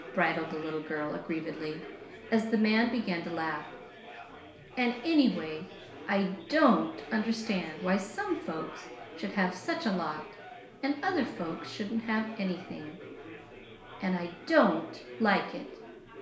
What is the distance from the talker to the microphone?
1.0 m.